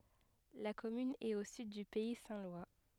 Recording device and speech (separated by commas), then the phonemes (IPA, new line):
headset microphone, read sentence
la kɔmyn ɛt o syd dy pɛi sɛ̃ lwa